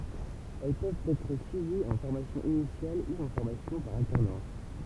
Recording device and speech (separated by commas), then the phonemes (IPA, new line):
temple vibration pickup, read sentence
ɛl pøvt ɛtʁ syiviz ɑ̃ fɔʁmasjɔ̃ inisjal u ɑ̃ fɔʁmasjɔ̃ paʁ altɛʁnɑ̃s